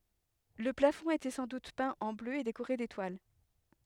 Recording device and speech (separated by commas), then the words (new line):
headset microphone, read sentence
Le plafond était sans doute peint en bleu et décoré d’étoiles.